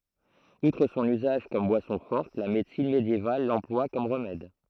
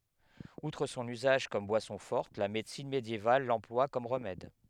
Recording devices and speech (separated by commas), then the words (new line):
throat microphone, headset microphone, read sentence
Outre son usage comme boisson forte, la médecine médiévale l'emploie comme remède.